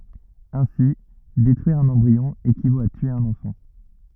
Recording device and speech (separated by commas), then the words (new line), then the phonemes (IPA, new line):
rigid in-ear microphone, read sentence
Ainsi, détruire un embryon équivaut à tuer un enfant.
ɛ̃si detʁyiʁ œ̃n ɑ̃bʁiɔ̃ ekivot a tye œ̃n ɑ̃fɑ̃